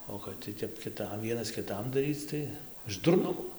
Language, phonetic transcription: Lithuanian, o kad ˈti tep kiˈtam ˈvienas kiˈtam daˈryc tai iš durˈnumo

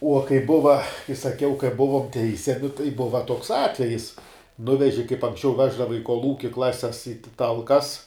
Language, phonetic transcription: Lithuanian, uo kai ˈbuva kai saˈkiau kai ˈbuvom ˈteisiami tai ˈbuva toks ˈatvejis ˈnuveži kaip anksˈčiau ˈveždava i kolˈūki ˈklases į ˈtalkas

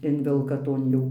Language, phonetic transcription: Lithuanian, ˈinvelka ˈton jau

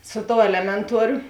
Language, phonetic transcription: Lithuanian, ˈsu ˌtou ˈelemenˌtuoriu

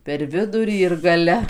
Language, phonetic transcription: Lithuanian, per ˈvidurį ir gaˈle

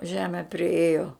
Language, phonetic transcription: Lithuanian, ˈžeme priˈėjo

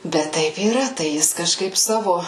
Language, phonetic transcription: Lithuanian, ˈbet ˈtaip yˈra ˈtai ˈjis kaˈžkaip ˈsavo

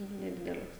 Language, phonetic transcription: Lithuanian, neˈdideles

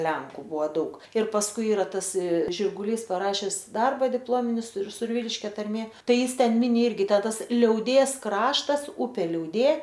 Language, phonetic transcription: Lithuanian, ˈlenku ˈbuo ˈdaug ir pasˈkui ˈyra ˈtas žirguˈlys paˈrašes ˈdarba dipˈlomini sur surˈvyliškia tarˈmė ˈtai ˈjis ˈten ˈmini ˈirgi ˈtę ˈtas liauˈdės ˈkraštas ˈupė liauˈdė

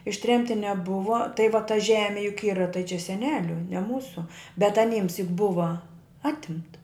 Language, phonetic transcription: Lithuanian, išˈtremti neˈbuva tai va ta ˈžemi juk ˈyra tai čia seˈneliu ne ˈmūsu bet aˈnyms juk ˈbuva ˈatimta

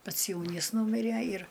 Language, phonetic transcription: Lithuanian, ˈpats ˈjaunys ˈnūmiræ ir

